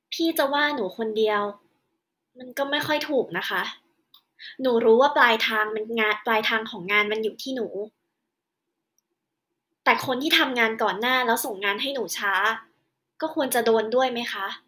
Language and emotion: Thai, frustrated